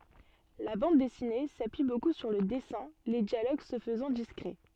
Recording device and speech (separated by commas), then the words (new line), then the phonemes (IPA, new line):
soft in-ear microphone, read sentence
La bande dessinée s'appuie beaucoup sur le dessins, les dialogues se faisant discrets.
la bɑ̃d dɛsine sapyi boku syʁ lə dɛsɛ̃ le djaloɡ sə fəzɑ̃ diskʁɛ